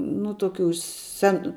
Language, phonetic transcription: Lithuanian, nu toˈkių ˈsen

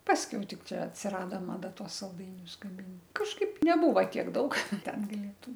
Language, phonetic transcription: Lithuanian, ˈpaskiau ˈtik ˈčia atsiˈrado maˈda ˈtuos salˈdainius gaˈmin kažˈkaip neˈbūva ˈtiek ˈdaug ˈten gaˈlėtum

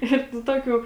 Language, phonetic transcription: Lithuanian, ˈir nu ˈtokių

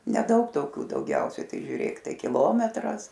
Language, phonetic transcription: Lithuanian, neˈdaug toˈkių dauˈgiausiai ˈtai žiūˈrėk ˈtai kiˈlometras

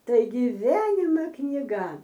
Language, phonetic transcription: Lithuanian, ˈtai giˈvienima kniˈga

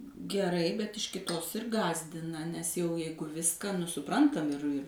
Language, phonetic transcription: Lithuanian, geˈrai bet iš kiˈtos ir ˈgąsdina nes jau ˈjeigu ˈviską nu suˈprantam ir ir

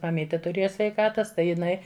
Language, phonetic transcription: Lithuanian, maˈmytė tuˈrėja sveiˈkatas ˈtai jiˈnai

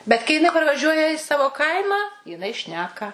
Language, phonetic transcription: Lithuanian, bet kai jiˈnai parvaˈžiuoja i ˈsavo ˈkaimą jiˈnai ˈšneka

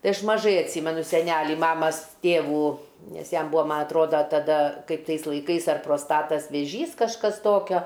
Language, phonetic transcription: Lithuanian, ˈtai ˈaš maˈžai atˈsymenu seˈnælį ˈmamas ˈtėvų ˈnes ˈjam ˈbūa ˈma atˈroda taˈda kaip ˈtais laiˈkais ar prosˈtatas vėˈžys kažˈkas ˈtokio

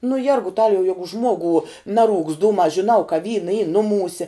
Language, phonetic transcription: Lithuanian, nu ˈjergutaliau ˈjegu ˈžmuogu ˈnaˌrūkst ˈdūmā žiˈnau ka ˈvyna y ˈnuˌmūse

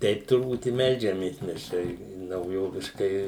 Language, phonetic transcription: Lithuanian, ˈteip turˈbūt i ˈmeldžiamės mes ˈčia i nauˈjoviškai

